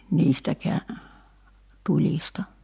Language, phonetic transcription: Finnish, 'niistäkeä , 'tuĺista .
- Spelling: niistäkään tulista

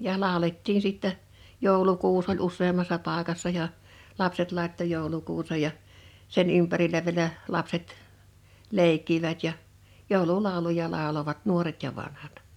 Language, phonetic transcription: Finnish, ja 'làolettin sìttɛ , 'jòulukuus oĺ 'us̆seemmassa 'pàekassa ja , 'lapset làetto 'jòulukuusej ja , 'sen 'ympärilä viᵉlä , 'lapset , 'lèikkivät ja , "jòulu'làuluja làolovat "nuoret ja 'vanhat .
- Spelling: ja laulettiin sitten joulukuusi oli useammassa paikassa ja lapset laittoi joulukuusen ja sen ympärillä vielä lapset leikkivät ja joululauluja lauloivat nuoret ja vanhat

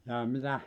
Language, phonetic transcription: Finnish, jaa 'mitä ?
- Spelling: jaa mitä

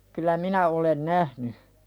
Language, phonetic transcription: Finnish, kylä "minä olen 'nähny .
- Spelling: kyllä minä olen nähnyt

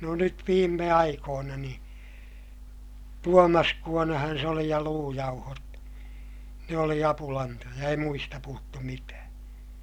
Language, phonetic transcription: Finnish, no nyt viimme aikoona niḭ , tuomaskuonahan se oli ja luujauhot , ne oli apulantoja - ei muista puhuttu mitää .
- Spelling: no nyt viime aikoina niin tuomaskuonahan se oli ja luujauhot ne oli apulantoja ei muista puhuttu mitään

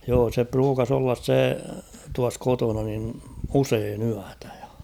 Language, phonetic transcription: Finnish, joo se 'pruukas ‿ollas 'se tuas 'kotona nin "useen 'yätᴀ̈ ᴊᴀ .
- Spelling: joo se pruukasi olla se tuossa kotona niin usein yötä ja

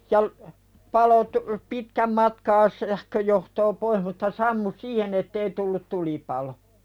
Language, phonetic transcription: Finnish, ja l- , palo tu- , "pitkäm matkaa 'sähköjohtoo poih mutta 'sammu "siihen ‿ettei tullut 'tulipalo .
- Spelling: ja - paloi - pitkän matkaa sähköjohtoa pois mutta sammui siihen että ei tullut tulipalo

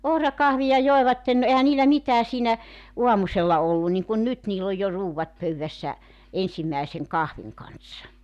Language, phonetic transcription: Finnish, 'ohrakahvi₍a 'joevatten no 'ehä niilä 'mitää siinä , "uamusella 'ollu niŋkun "nyt niill ‿oj jo 'ruuwvat 'pöywvässä , "ensimmä̀eseŋ "kahviŋ kanssa .
- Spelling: ohrakahvia joivat no eihän niillä mitään siinä aamusella ollut niin kuin nyt niillä on jo ruuat pöydässä ensimmäisen kahvin kanssa

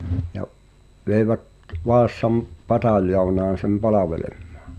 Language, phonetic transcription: Finnish, ja’ , vèi̬vät , 'Vaassam , "pataljounaan̬ sem 'palaveleᴍᴍᴀᴀ .
- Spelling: ja veivät Vaasan pataljoonaan sen palvelemaan

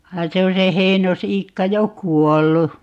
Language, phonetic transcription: Finnish, 'vain se on̬ se 'Heinos₍'iikka 'jo "kuollu .
- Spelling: vaan se on se Heinos-Iikka jo kuollut

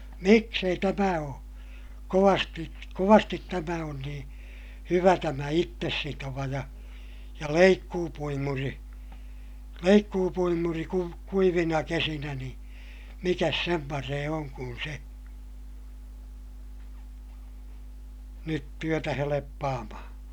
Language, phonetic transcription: Finnish, miks ‿ei tämä oo , kovasti , kovastit tämä on niḭ , hyvä tämä ittessitova ja , ja leikkuupuimuri , leikkuupuimuri kuv- , kuivina kesinä ni , mikäs sem paree oŋ kun se , nyt työtä heleppaamahaa̰ .
- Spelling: miksi ei tämä ole kovasti kovasti tämä on niin hyvä tämä itsesitova ja ja leikkuupuimuri leikkuupuimuri - kuivina kesinä niin mikäs sen parempi on kuin se nyt työtä helppaamaan

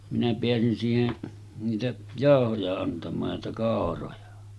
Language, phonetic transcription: Finnish, minä 'peäsin siihen , niitä 'jàohoja antam̆maaj ja niitä 'kàoroja .
- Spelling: minä pääsin siihen niitä jauhoja antamaan ja niitä kauroja

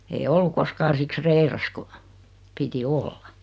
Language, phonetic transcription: Finnish, ei 'ollu koskaan̬ 'siks "reiras ku , 'piti "olla .
- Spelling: ei ollut koskaan siksi reilassa kun piti olla

